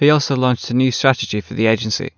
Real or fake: real